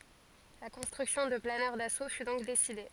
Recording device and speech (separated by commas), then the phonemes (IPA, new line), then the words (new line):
forehead accelerometer, read sentence
la kɔ̃stʁyksjɔ̃ də planœʁ daso fy dɔ̃k deside
La construction de planeurs d'assaut fut donc décidée.